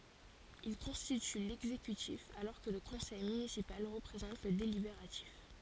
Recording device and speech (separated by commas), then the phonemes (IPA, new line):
forehead accelerometer, read sentence
il kɔ̃stity lɛɡzekytif alɔʁ kə lə kɔ̃sɛj mynisipal ʁəpʁezɑ̃t lə delibeʁatif